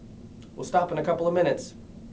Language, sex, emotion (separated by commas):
English, male, neutral